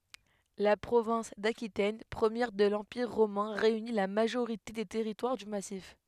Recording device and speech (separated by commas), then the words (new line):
headset microphone, read sentence
La province d'Aquitaine première de l'Empire romain réunit la majorité des territoires du massif.